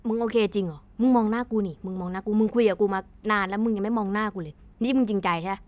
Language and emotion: Thai, frustrated